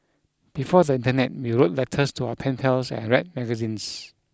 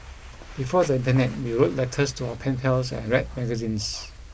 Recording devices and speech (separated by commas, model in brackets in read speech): close-talking microphone (WH20), boundary microphone (BM630), read sentence